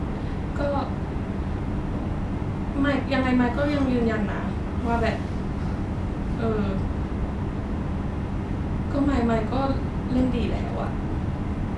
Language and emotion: Thai, sad